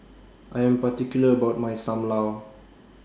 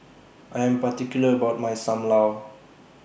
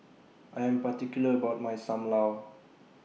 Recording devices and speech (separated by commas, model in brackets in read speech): standing microphone (AKG C214), boundary microphone (BM630), mobile phone (iPhone 6), read sentence